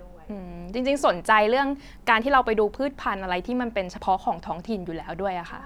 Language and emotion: Thai, neutral